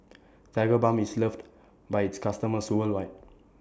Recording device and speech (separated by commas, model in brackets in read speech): standing microphone (AKG C214), read sentence